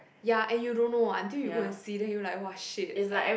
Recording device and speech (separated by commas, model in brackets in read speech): boundary microphone, conversation in the same room